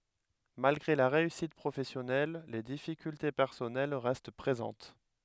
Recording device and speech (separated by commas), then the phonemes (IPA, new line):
headset microphone, read sentence
malɡʁe la ʁeysit pʁofɛsjɔnɛl le difikylte pɛʁsɔnɛl ʁɛst pʁezɑ̃t